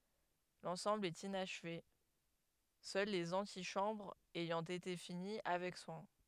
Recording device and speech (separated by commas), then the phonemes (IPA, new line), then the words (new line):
headset microphone, read sentence
lɑ̃sɑ̃bl ɛt inaʃve sœl lez ɑ̃tiʃɑ̃bʁz ɛjɑ̃ ete fini avɛk swɛ̃
L'ensemble est inachevé, seules les antichambres ayant été finies avec soin.